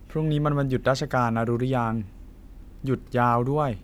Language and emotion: Thai, neutral